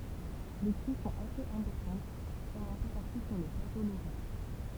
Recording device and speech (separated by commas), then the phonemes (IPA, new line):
temple vibration pickup, read sentence
le kʁy sɔ̃t asez ɛ̃pɔʁtɑ̃t kɔm œ̃ pø paʁtu syʁ lə plato loʁɛ̃